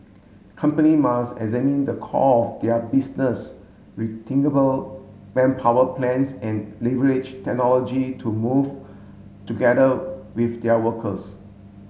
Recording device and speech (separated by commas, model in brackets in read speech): mobile phone (Samsung S8), read sentence